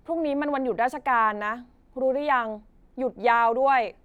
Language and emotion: Thai, frustrated